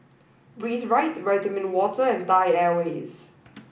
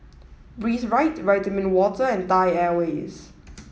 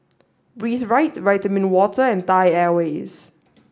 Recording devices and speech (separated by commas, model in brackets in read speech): boundary microphone (BM630), mobile phone (iPhone 7), standing microphone (AKG C214), read sentence